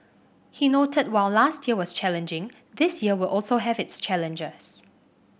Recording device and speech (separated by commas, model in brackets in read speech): boundary microphone (BM630), read sentence